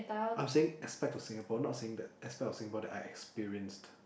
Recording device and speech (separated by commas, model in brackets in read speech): boundary microphone, conversation in the same room